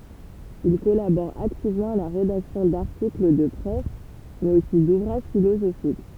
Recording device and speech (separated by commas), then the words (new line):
temple vibration pickup, read sentence
Il collabore activement à la rédaction d'articles de presse, mais aussi d'ouvrages philosophiques.